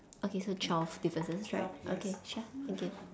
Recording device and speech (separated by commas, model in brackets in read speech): standing microphone, conversation in separate rooms